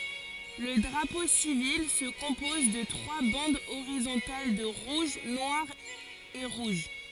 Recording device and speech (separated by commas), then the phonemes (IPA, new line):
forehead accelerometer, read sentence
lə dʁapo sivil sə kɔ̃pɔz də tʁwa bɑ̃dz oʁizɔ̃tal də ʁuʒ nwaʁ e ʁuʒ